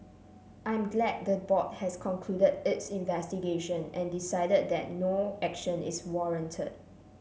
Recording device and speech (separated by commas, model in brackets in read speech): mobile phone (Samsung C7), read sentence